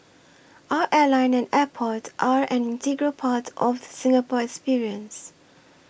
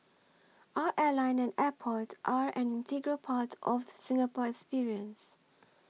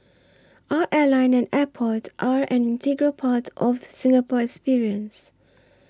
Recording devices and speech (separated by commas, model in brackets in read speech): boundary microphone (BM630), mobile phone (iPhone 6), standing microphone (AKG C214), read sentence